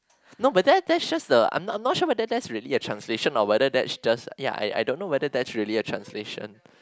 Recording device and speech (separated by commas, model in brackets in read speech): close-talking microphone, conversation in the same room